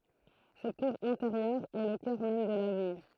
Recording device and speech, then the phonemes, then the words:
throat microphone, read sentence
sɛt kuʁ ɛ̃teʁjœʁ ɛ lə kœʁ mɛm də labaj
Cette cour intérieure est le cœur même de l’abbaye.

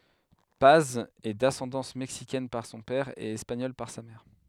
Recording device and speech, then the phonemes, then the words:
headset microphone, read sentence
paz ɛ dasɑ̃dɑ̃s mɛksikɛn paʁ sɔ̃ pɛʁ e ɛspaɲɔl paʁ sa mɛʁ
Paz est d'ascendance mexicaine par son père et espagnole par sa mère.

